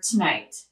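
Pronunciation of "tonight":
In 'tonight', the vowel in the first syllable, 'to', is reduced and very short, the way it is heard in native speech.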